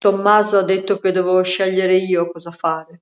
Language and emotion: Italian, sad